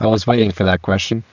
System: VC, spectral filtering